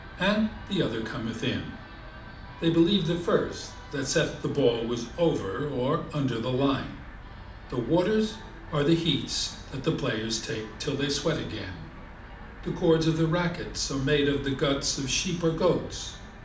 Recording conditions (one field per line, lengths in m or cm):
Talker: one person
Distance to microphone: 2.0 m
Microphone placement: close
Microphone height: 99 cm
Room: medium-sized (5.7 m by 4.0 m)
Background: television